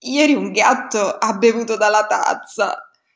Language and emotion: Italian, disgusted